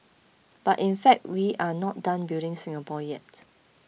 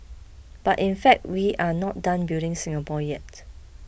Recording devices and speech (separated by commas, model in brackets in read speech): mobile phone (iPhone 6), boundary microphone (BM630), read sentence